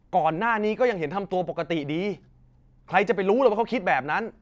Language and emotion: Thai, angry